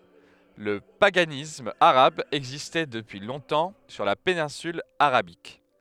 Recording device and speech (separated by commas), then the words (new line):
headset microphone, read sentence
Le paganisme arabe existait depuis longtemps sur la péninsule Arabique.